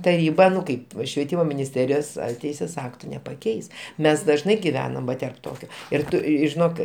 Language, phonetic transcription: Lithuanian, taˈryba ˈnu ˈkaip švieˈtymo minisˈterijos ar ˈteisės ˈaktu nepaˈkeis ˈmes dažˈnai giˈvenam ˈva terp ˈtokio ir ˈtu žiˈnok

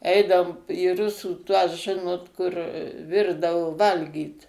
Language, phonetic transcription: Lithuanian, ˈeidaom į ˈrusų ˈtuos ˈžinot kur ˈvirdavo ˈvalgyt

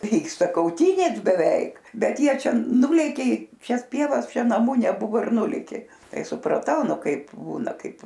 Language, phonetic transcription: Lithuanian, ˈvyksta kauˈtynės beˈveik ˈbet ˈjie ˈčia ˈnulėkė i ˈšias ˈpievas ˈčia naˈmu neˈbuvo ir ˈnulėkė ˈtai supraˈtau ˈnu ˈkaip ˈbūna ˈkaip

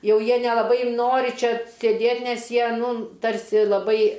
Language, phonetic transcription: Lithuanian, ˈjau ˈjie nelaˈbai ˈnori ˈčia sėˈdėt' ˈnes ˈjie ˈnū ˈtarsi laˈbai

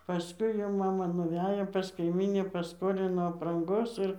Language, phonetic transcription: Lithuanian, paˈskui jau ˈmama nuˈvejo pas kaiˈmyni paˈskolino apranˈgos ˈir

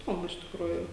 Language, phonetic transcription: Lithuanian, iˈdomu iš tikˈrųjų

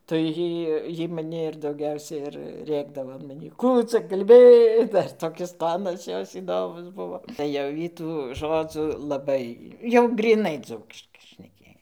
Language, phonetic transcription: Lithuanian, tai ˈjy ˈjy maˈni ir dauˈgiausia ir ˈrėkdavo an maˈnį ˈkų ca kalˈbi ˈdar toˈkis ˈtonas ˈjos įˈdomus ˈbuvo tai ˈjau ˈjy tų ˈžodzu laˈbai jau gryˈnai ˈdzūkiškai šneˈkėj

